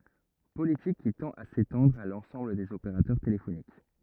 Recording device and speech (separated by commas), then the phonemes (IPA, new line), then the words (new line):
rigid in-ear microphone, read sentence
politik ki tɑ̃t a setɑ̃dʁ a lɑ̃sɑ̃bl dez opeʁatœʁ telefonik
Politique qui tend à s'étendre à l'ensemble des opérateurs téléphoniques.